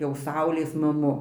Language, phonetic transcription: Lithuanian, jau ˈsaulės maˈmu

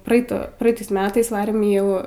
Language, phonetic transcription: Lithuanian, praˈeito praˈeitais ˈmetais ˈvarėm i ˈjau

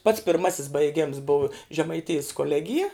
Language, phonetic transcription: Lithuanian, pats pirˈmasis baiˈgems bov žemaiˈtijis koˈlegija

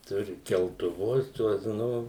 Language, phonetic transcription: Lithuanian, ˈturi keltuˈvus ˈtuos ˈnu

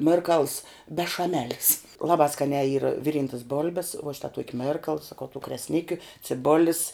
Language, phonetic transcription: Lithuanian, ˈmirkals bešaˈmelis ˈlabā ˈskaniā yr ˈviˌryntas ˈbolbes vuo ˈšita ˈtuoki ˈmerkal saˈkau tų kresˈnikiu ciˈbolis

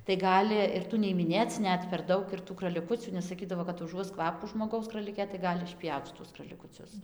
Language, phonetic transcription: Lithuanian, tai ˈgali ir ˈtų nei imiˈnėc ˈnet per ˈdaug ir tų kraliˈkucių nes saˈkydavo kad uˈžuos ˈkvapų žmoˈgaus kraliˈkė tai ˈgali išˈpjauc šiˈtus kralikuˈcius

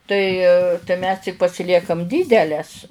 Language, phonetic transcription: Lithuanian, tai tai mes tik pasiˈliekam ˈdydeles

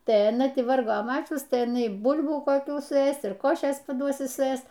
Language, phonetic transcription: Lithuanian, tai aˈna ˈti ˈvargo ˈmačius tai iˈnaiˈbul'bų koˈkių suˈės ir ˈkošės paˈduos suˈės

